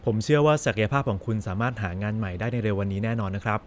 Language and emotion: Thai, neutral